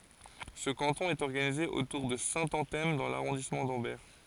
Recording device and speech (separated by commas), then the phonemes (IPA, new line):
forehead accelerometer, read sentence
sə kɑ̃tɔ̃ ɛt ɔʁɡanize otuʁ də sɛ̃tɑ̃tɛm dɑ̃ laʁɔ̃dismɑ̃ dɑ̃bɛʁ